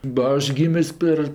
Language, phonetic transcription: Lithuanian, ba ˈaš ˈgymis ˈper

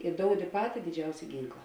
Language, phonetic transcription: Lithuanian, i ˈdoudi ˈpati diˈdžiausia ˈgynkla

